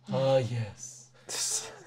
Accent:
slow vampire accent